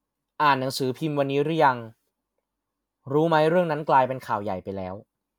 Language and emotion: Thai, neutral